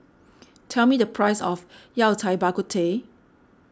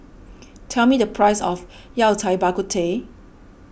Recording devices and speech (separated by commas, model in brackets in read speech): standing microphone (AKG C214), boundary microphone (BM630), read sentence